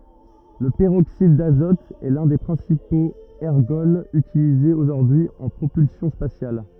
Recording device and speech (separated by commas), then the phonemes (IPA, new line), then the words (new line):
rigid in-ear microphone, read sentence
lə pəʁoksid dazɔt ɛ lœ̃ de pʁɛ̃sipoz ɛʁɡɔlz ytilizez oʒuʁdyi y ɑ̃ pʁopylsjɔ̃ spasjal
Le peroxyde d'azote est l'un des principaux ergols utilisés aujourd'hui en propulsion spatiale.